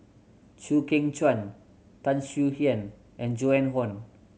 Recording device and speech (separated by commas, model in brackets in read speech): mobile phone (Samsung C7100), read sentence